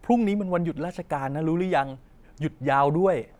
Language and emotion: Thai, neutral